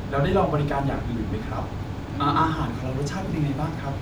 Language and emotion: Thai, happy